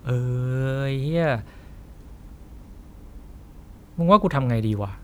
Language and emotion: Thai, frustrated